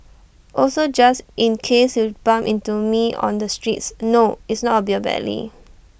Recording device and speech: boundary microphone (BM630), read sentence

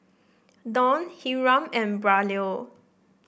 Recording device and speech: boundary microphone (BM630), read sentence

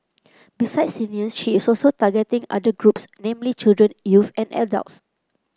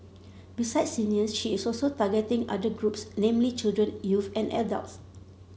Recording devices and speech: close-talking microphone (WH30), mobile phone (Samsung C7), read sentence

